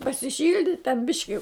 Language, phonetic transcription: Lithuanian, pasiˈšildit' ten ˈbiški

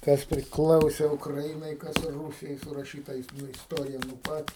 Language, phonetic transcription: Lithuanian, ˈkas priˈklause ukraˈinai ˈkas ˈrūsijai suraˈšyta nu isˈtorija nu ˈpat

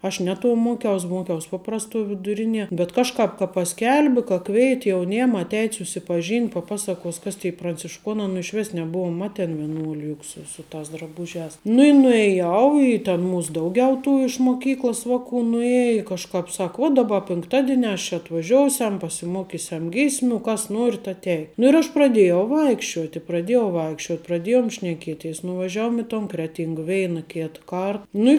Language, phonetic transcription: Lithuanian, aš ˈne tuo ˈmuokiaus' ˈmuokiaus' ˈpaprastuo viduˈrinie bet ˈkažkāp ka paˈskelbi ka ˈkveit' jauˈniem atˈeit' susipaˈžynt' paˈpasaˌkuos ˈkas tė prancišˈkuonā nu išˈvis neˈbuom ˈmaten vieˈnuoliu jug ˈsu su tas draˈbužiās nu i nuėˈjau i ten ˈmūs ˈdauˌgiau tų iš moˈkyklos ˈvaˌkų nuˈjeji kažˈkāp ˈsak vuo daˈba pinkˈtadieniās ˈčia atvaˈžiousiam pasiˈmokisiam ˈgysmių ˈkas ˈnuorit atˈei nu ir ˈaš praˈdėjau ˈvaikščiuoti praˈdėjau ˈvaikščiot praˈdėjom šneˈkieˌteis nuvaˈžiavom i ton ˈkreˌtyng ˈveina ˈkėt ˈkart ˈnu i

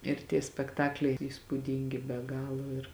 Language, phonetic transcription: Lithuanian, ir tie spekˈtakliai ir įspūˈdyngi be ˈgalo ir

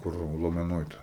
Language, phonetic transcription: Lithuanian, ˈkur lomeˈnoj ˈta

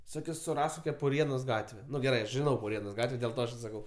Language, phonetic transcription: Lithuanian, ˈsu suˈrask ˈkokia puˈrienos ˈgatve ˈnu geˈrai aš žiˈnau puˈrienos ˈgatve dėl ˈta aš i saˈkau

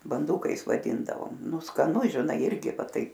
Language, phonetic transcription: Lithuanian, banˈdūkais vaˈdindavom ˈnu skaˈnu žiˈnai ˈirgi ˈva ˈtaip

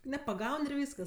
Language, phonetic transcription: Lithuanian, nepaˈgaun ir ˈvyskas

